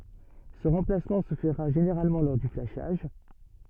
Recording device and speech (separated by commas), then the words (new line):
soft in-ear microphone, read sentence
Ce remplacement se fera généralement lors du flashage.